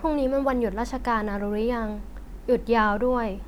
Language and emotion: Thai, neutral